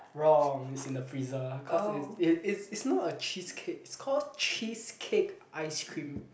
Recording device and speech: boundary microphone, conversation in the same room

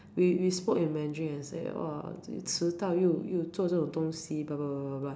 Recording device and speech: standing microphone, conversation in separate rooms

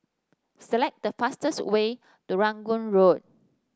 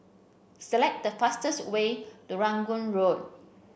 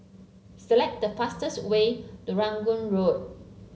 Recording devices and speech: standing microphone (AKG C214), boundary microphone (BM630), mobile phone (Samsung C7), read sentence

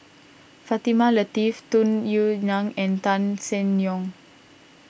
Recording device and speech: boundary microphone (BM630), read sentence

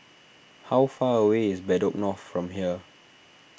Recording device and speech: boundary microphone (BM630), read sentence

